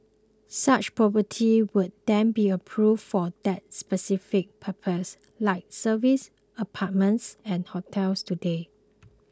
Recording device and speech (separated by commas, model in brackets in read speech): close-talking microphone (WH20), read sentence